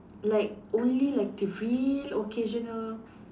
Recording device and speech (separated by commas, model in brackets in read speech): standing microphone, conversation in separate rooms